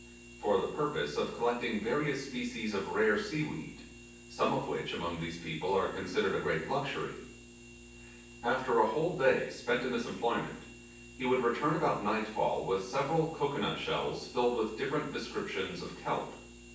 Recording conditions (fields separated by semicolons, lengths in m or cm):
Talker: one person; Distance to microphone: 9.8 m; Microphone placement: far; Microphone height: 1.8 m; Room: large; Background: none